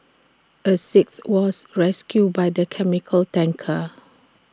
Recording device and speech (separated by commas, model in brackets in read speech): standing microphone (AKG C214), read sentence